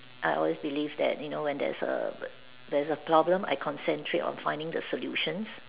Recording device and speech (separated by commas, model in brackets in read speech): telephone, conversation in separate rooms